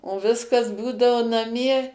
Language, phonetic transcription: Lithuanian, o ˈviskas ˈbūdao naˈmie

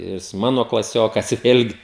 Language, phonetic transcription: Lithuanian, jis ˈmano klaˈsiokas ˈvėlgi

